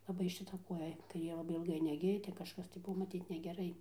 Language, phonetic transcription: Lithuanian, laˈbai šiˈta ˈkuoja kaiˈrė laˈbai ilˈgai neˈgija ˈten kažˈkas tai ˈbuvo maˈtyt negeˈrai

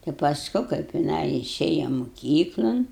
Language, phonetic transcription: Lithuanian, tai pasˈku kaip jiˈnai iˈšėja moˈkyklan

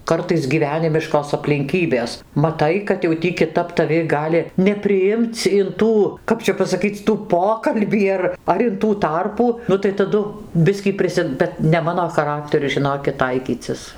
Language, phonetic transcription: Lithuanian, ˈkartais gyˈvenimiškos aplinˈkybės maˈtai kad jau ˈtį kiˈtap taˈvi ˈgali nepriˈimc in ˈtų ˈkap čia pasaˈkyc' ˈtų ˈpokalbį ar ar in ˈtų ˈtarpų ˈnu tai taˈdu ˈbiskį ˈprisi ˈbet ne ˈmano chaˈrakteriu žiˈnokit ˈtaikycis

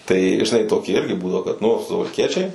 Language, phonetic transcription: Lithuanian, tai žiˈnai toˈki ˈirgi ˈbūdavo kad nu suvalˈkiečiai

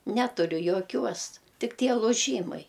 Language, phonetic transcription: Lithuanian, ˈneturiu joˈkiuos ˈtik ˈtie luˈžymai

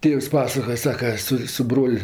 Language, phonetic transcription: Lithuanian, ˈtėvs ˈpasakoja ˈsaka ˈsu su ˈbrol'

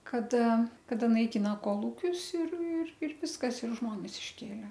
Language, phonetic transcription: Lithuanian, kaˈda kaˈda naiˈkina koˈlūkius ir ir ir ˈviskas ir ˈžmones išˈkėle

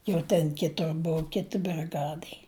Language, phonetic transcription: Lithuanian, jau ˈten ˈkitur ˈbuu ˈkiti briˈgadai

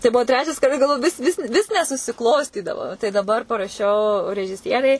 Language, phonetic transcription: Lithuanian, tai ˈbuo ˈtrečias kaˈda galˈvoju ˈvis ˈvis vis nesusiˈklostydavo tai daˈbar paraˈšiau režiˈsierei

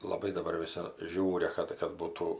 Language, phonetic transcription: Lithuanian, laˈbai daˈ bar viˈsi ˈžiūria ˈkad kad ˈbūtų

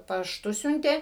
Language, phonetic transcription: Lithuanian, pašˈtu ˈsiuntė

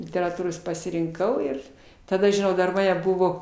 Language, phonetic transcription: Lithuanian, literaˈtūros pasirinˈkau ir taˈda žiˈnau dar ˈmane ˈbuvo

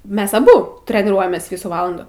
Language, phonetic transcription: Lithuanian, ˈmes aˈbu treniˈruojamės ˈvysų ˈvalandų

